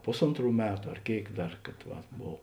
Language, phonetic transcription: Lithuanian, ˈpusontˌrų ˈmetu ar ˈkėik ˈdar kad ˈvat ˈbov

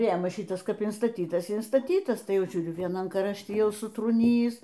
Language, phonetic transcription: Lithuanian, ˈrėmas ˈšitas ˈkap instaˈtytas i instaˈtytas ˈtai ˈjau ˈžiūriu vieˈnam krašˈti ˈjau sutrūˈnyjįs

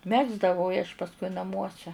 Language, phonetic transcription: Lithuanian, ˈmegzdavau i aš pasˈkui naˈmuose

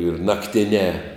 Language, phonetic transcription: Lithuanian, ir nakˈtinē

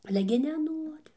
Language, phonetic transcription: Lithuanian, ˈale gi neˈnuori

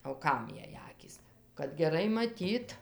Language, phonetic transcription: Lithuanian, o ˈkam ˈjai ˈakys kad geˈrai maˈtyt

